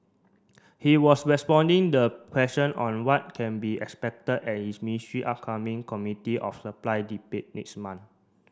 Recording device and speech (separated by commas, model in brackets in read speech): standing microphone (AKG C214), read sentence